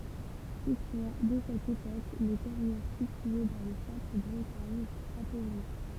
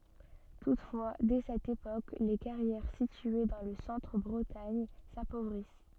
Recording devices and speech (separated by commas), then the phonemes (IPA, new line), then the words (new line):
temple vibration pickup, soft in-ear microphone, read sentence
tutfwa dɛ sɛt epok le kaʁjɛʁ sitye dɑ̃ lə sɑ̃tʁ bʁətaɲ sapovʁis
Toutefois, dès cette époque, les carrières situées dans le centre Bretagne s'appauvrissent.